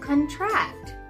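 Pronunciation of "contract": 'Contract' is pronounced here as the verb, not as the noun, which sounds very different.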